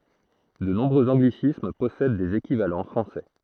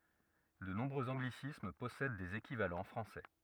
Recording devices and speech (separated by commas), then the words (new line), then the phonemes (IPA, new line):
throat microphone, rigid in-ear microphone, read sentence
De nombreux anglicismes possèdent des équivalents français.
də nɔ̃bʁøz ɑ̃ɡlisism pɔsɛd dez ekivalɑ̃ fʁɑ̃sɛ